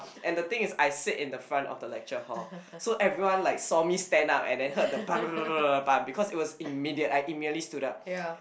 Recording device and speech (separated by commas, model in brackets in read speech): boundary microphone, conversation in the same room